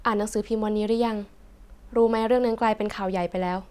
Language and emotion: Thai, neutral